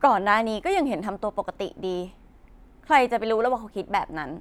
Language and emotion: Thai, frustrated